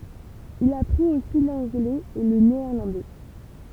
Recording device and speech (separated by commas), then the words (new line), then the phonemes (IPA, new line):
temple vibration pickup, read sentence
Il apprit aussi l'anglais et le néerlandais.
il apʁit osi lɑ̃ɡlɛz e lə neɛʁlɑ̃dɛ